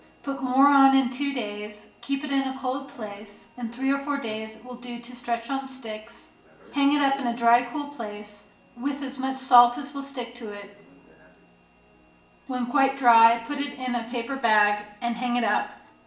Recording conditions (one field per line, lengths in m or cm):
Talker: one person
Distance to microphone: 1.8 m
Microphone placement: close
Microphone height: 1.0 m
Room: large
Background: television